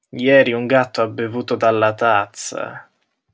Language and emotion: Italian, disgusted